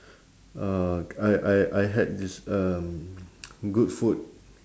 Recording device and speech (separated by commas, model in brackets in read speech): standing microphone, conversation in separate rooms